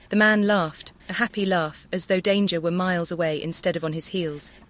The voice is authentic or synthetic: synthetic